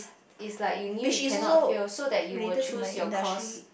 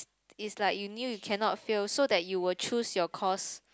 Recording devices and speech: boundary microphone, close-talking microphone, conversation in the same room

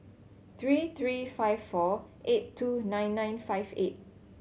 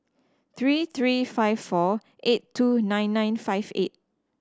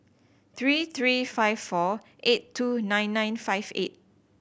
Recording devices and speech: mobile phone (Samsung C7100), standing microphone (AKG C214), boundary microphone (BM630), read sentence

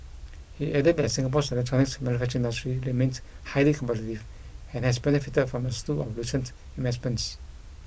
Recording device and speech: boundary microphone (BM630), read sentence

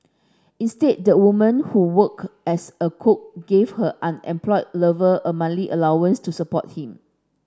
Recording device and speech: standing microphone (AKG C214), read sentence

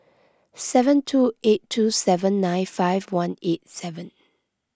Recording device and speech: close-talking microphone (WH20), read sentence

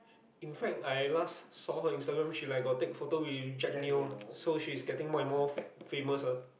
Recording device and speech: boundary microphone, conversation in the same room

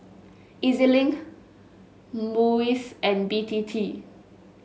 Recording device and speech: mobile phone (Samsung S8), read sentence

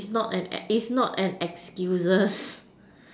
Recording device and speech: standing microphone, conversation in separate rooms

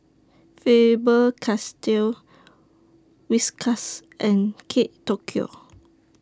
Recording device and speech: standing microphone (AKG C214), read sentence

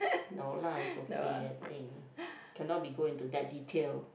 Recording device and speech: boundary microphone, conversation in the same room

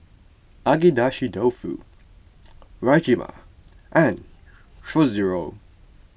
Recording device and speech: boundary microphone (BM630), read sentence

